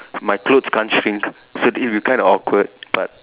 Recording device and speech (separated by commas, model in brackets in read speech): telephone, conversation in separate rooms